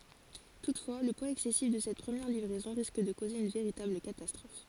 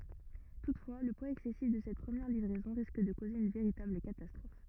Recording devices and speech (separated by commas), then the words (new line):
forehead accelerometer, rigid in-ear microphone, read sentence
Toutefois, le poids excessif de cette première livraison risque de causer une véritable catastrophe.